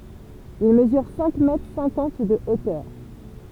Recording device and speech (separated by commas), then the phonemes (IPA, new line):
temple vibration pickup, read sentence
il məzyʁ sɛ̃k mɛtʁ sɛ̃kɑ̃t də otœʁ